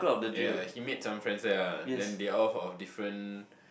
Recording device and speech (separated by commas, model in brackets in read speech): boundary microphone, conversation in the same room